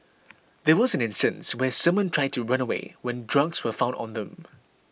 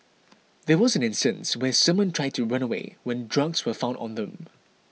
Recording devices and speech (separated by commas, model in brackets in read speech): boundary microphone (BM630), mobile phone (iPhone 6), read sentence